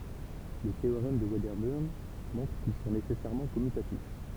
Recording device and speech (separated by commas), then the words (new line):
temple vibration pickup, read sentence
Le théorème de Wedderburn montre qu'ils sont nécessairement commutatifs.